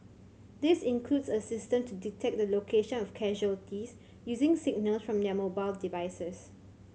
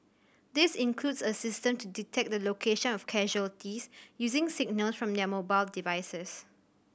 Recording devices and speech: mobile phone (Samsung C7100), boundary microphone (BM630), read sentence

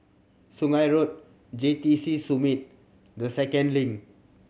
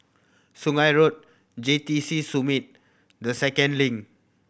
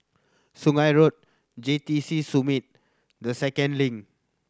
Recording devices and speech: mobile phone (Samsung C7100), boundary microphone (BM630), standing microphone (AKG C214), read sentence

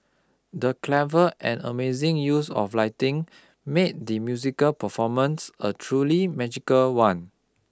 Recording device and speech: close-talking microphone (WH20), read sentence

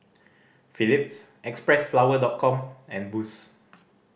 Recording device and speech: boundary microphone (BM630), read sentence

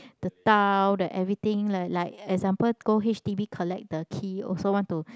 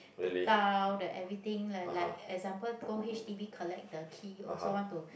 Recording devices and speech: close-talking microphone, boundary microphone, conversation in the same room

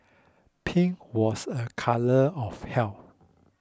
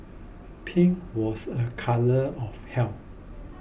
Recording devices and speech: close-talking microphone (WH20), boundary microphone (BM630), read sentence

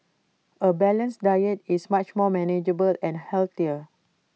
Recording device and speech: mobile phone (iPhone 6), read sentence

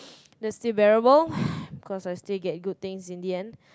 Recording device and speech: close-talking microphone, conversation in the same room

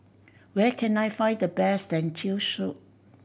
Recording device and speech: boundary microphone (BM630), read sentence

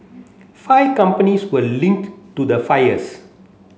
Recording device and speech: mobile phone (Samsung C7), read sentence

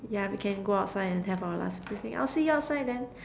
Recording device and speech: standing microphone, conversation in separate rooms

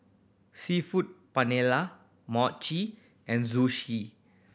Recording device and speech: boundary microphone (BM630), read sentence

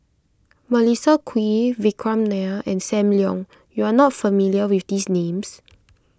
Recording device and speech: close-talking microphone (WH20), read sentence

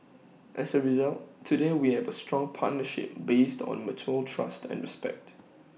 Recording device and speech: mobile phone (iPhone 6), read sentence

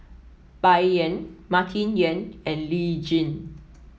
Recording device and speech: mobile phone (iPhone 7), read sentence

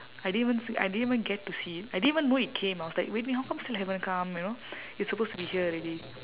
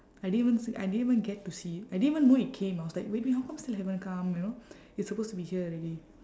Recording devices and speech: telephone, standing microphone, conversation in separate rooms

